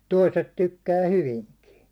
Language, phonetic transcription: Finnish, 'toiset 'tykkää "hyviŋkii .
- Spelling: toiset tykkää hyvinkin

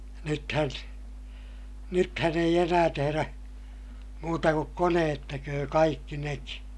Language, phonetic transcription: Finnish, nythän , nythän ‿eij ‿enää teherä , muuta kuk koneet teköö kaikki neki .
- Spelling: nythän nythän ei enää tehdä muuta kuin koneet tekee kaikki nekin

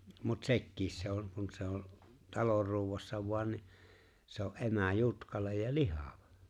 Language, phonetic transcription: Finnish, mut 'se̬kkiis se on̬ kun se ‿o , 'talor ruuwassa 'voan ni , se̬ ‿o’ '’emä̀̀ "jutkalej ja "lihavᴀ .
- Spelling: mutta sekin se on kun se on talon ruuassa vain niin se on emä jutkale ja lihava

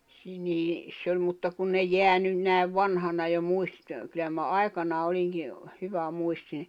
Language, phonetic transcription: Finnish, si- niis's ‿oĺ mutta kun ne 'jeä nyn näi̬v 'vanhana jo 'muistⁱst- , kyl̀lä mä 'ai̬kanaa oĺiŋki , 'hyvä'muistine .
- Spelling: - niissä oli mutta kun ne jää nyt näin vanhana jo muistista kyllä minä aikanaan olinkin hyvämuistinen

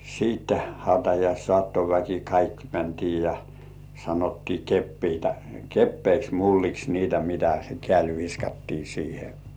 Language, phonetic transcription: Finnish, siitte 'hautajais"sŏ§àttoväki kaikki 'mäntii ja , sanottii 'keppiitä "keppeiks 'mulliks niitä mitä se "kĕä̀l viskattii 'siihe .
- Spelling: sitten hautajaissaattoväki kaikki mentiin ja sanottiin kepeitä kepeiksi mulliksi niitä mitä se kädellä viskattiin siihen

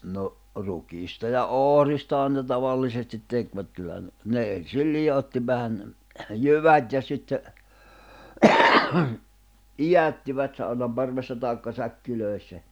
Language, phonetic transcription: Finnish, no , 'rukiista ja "ohristahan ne 'tavallisestit 'tekvät kyllä(hän) , 'ne en̬sil 'liʲotti vähän , "jyvät ja sitte , "ijättivät saunam 'parvessa tàekka 'säkki'lö̀i̬ssä .
- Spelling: no rukiista ja ohristahan ne tavallisesti tekivät kyllähän ne ensin liotti vähän jyvät ja sitten idättivät saunan parvessa tai säkeissä

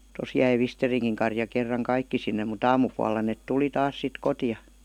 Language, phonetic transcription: Finnish, 'tos jäi "Visteriŋkiŋ karja kerraŋ "kaikki sinne mut 'aamupualla nèt "tuli 'taas 'sit "kotija .
- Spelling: tuossa jäi Visterinkin karja kerran kaikki sinne mutta aamupuolella ne tuli taas sitten kotia

